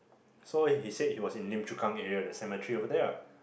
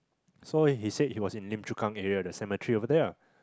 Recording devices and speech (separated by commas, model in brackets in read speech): boundary microphone, close-talking microphone, conversation in the same room